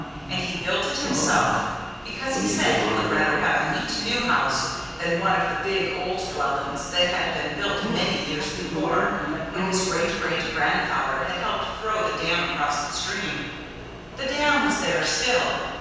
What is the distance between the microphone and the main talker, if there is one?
7.1 m.